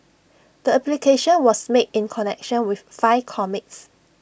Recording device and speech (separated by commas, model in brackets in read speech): boundary microphone (BM630), read sentence